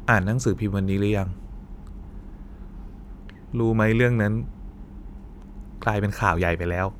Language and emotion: Thai, sad